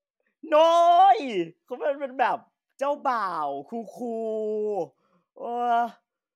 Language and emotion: Thai, happy